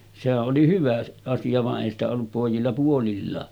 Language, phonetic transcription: Finnish, sehä’ ’oli 'hyvä asija va’ ’èi ‿stä ollup pòijilla puolillaa .
- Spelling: sehän oli hyvä asia vaan ei sitä ollut pojilla puolillaan

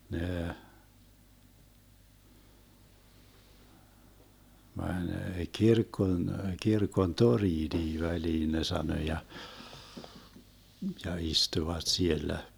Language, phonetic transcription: Finnish, 'nee , 'mäń "kirkkon , 'kirkon "toriinii 'väliin ne sano ja , ja 'istuvat 'siellä .
- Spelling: ne meni kirkon kirkon torniinkin väliin ne sanoi ja ja istuivat siellä

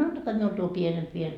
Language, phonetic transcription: Finnish, 'antakaa miul tuo 'pienemp viel .
- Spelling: antakaa minulle tuo pienempi vielä

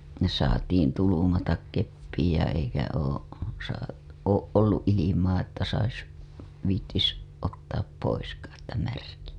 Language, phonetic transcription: Finnish, o- , ne saatiin tulumatak keppiij ja eikä oo , saa- , ooˀ ˀolluˀ ˀilimaa että sais , viittis , ottaap poiskaa ‿että märkiʲä .
- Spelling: - ne saatiin tulmata keppiin ja eikä ole - ole ollut ilmaa että saisi viitsisi ottaa poiskaan että märkiä

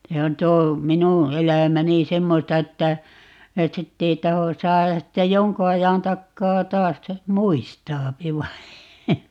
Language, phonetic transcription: Finnish, 'se on 'tuo , "minu , 'elä̀mäni "semmosta että , et 'sitt ‿ei 'taho , 'saajas sitte "joŋku 'ajan 'takkaa "taas ste , "muistaapi vai̮ ,.
- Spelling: se on tuo minun elämäni semmoista että että sitten ei tahdo saada sitten jonkun ajan takaa taas sitten muistaa vain

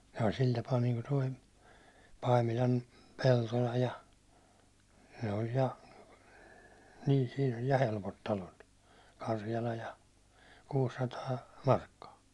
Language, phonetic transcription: Finnish, sai 'sil tapaa niiŋku toi , 'Paimilam , 'Peltola ja , ne oĺ ja , n ii siin ‿oĺ ja 'helpot talot , 'karjala ja , 'kuussataa , "markkaa .
- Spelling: sai sillä tapaa niin kuin tuo Paimilan Peltola ja ne oli ja niin - siinä oli ja helpot talot Karjala ja kuusisataa markkaa

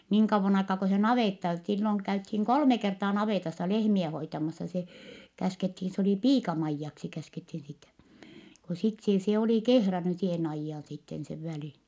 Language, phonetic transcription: Finnish, niiŋ kavvon ‿aikaa ko se navètta , silloŋ käythiiŋ kolme kertaa navètassa lehmiɛ hoitamassa se , käskethin , se oli piika-Maijjaksi käskethin sitä , ko sit see , se oli kehräny seen ‿aijjaan sitten sev välin .
- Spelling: niin kauan aikaa kuin se navetta silloin käytiin kolme kertaa navetassa lehmiä hoitamassa se käskettiin se oli piika-Maijaksi käskettiin sitä kun sitten se se oli kehrännyt sen ajan sitten sen välin

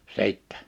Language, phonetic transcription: Finnish, 'sìttᴀ̈ .
- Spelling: sitten

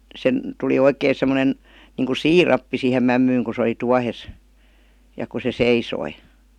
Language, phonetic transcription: Finnish, 'sen , 'tuli "oikèⁱ semmonen , 'niiŋku "sii'rappi sìhem 'mämmyyŋ ku sᵉ oli 'tuahes , ja ku se "seisoi .
- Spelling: sen tuli oikein semmoinen niin kuin siirappi siihen mämmiin kun se oli tuohessa ja kun se seisoi

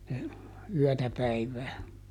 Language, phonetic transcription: Finnish, ne , ˈyɔ̈̀tä ˈpäivää .
- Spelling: ne yötä päivää

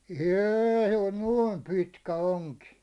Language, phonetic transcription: Finnish, êⁱ oĺ "nuooim 'pitkä 'oŋki .
- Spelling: ei oli noin pitkä onki

